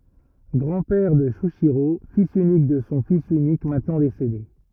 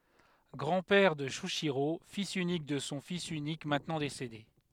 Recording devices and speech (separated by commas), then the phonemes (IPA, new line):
rigid in-ear microphone, headset microphone, read sentence
ɡʁɑ̃ pɛʁ də ʃyiʃiʁo filz ynik də sɔ̃ fis ynik mɛ̃tnɑ̃ desede